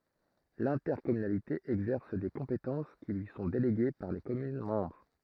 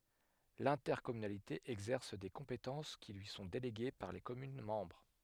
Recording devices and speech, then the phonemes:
throat microphone, headset microphone, read sentence
lɛ̃tɛʁkɔmynalite ɛɡzɛʁs de kɔ̃petɑ̃s ki lyi sɔ̃ deleɡe paʁ le kɔmyn mɑ̃bʁ

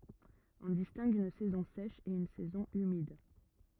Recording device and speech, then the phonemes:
rigid in-ear microphone, read sentence
ɔ̃ distɛ̃ɡ yn sɛzɔ̃ sɛʃ e yn sɛzɔ̃ ymid

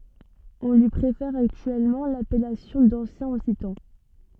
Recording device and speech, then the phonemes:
soft in-ear microphone, read sentence
ɔ̃ lyi pʁefɛʁ aktyɛlmɑ̃ lapɛlasjɔ̃ dɑ̃sjɛ̃ ɔksitɑ̃

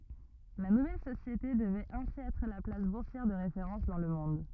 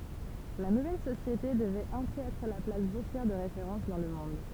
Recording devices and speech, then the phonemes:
rigid in-ear microphone, temple vibration pickup, read sentence
la nuvɛl sosjete dəvɛt ɛ̃si ɛtʁ la plas buʁsjɛʁ də ʁefeʁɑ̃s dɑ̃ lə mɔ̃d

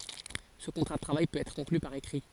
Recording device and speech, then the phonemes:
forehead accelerometer, read sentence
sə kɔ̃tʁa də tʁavaj pøt ɛtʁ kɔ̃kly paʁ ekʁi

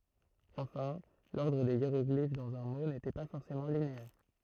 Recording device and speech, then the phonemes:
throat microphone, read sentence
ɑ̃fɛ̃ lɔʁdʁ de jeʁɔɡlif dɑ̃z œ̃ mo netɛ pa fɔʁsemɑ̃ lineɛʁ

